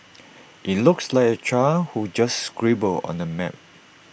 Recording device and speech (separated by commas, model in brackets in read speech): boundary microphone (BM630), read sentence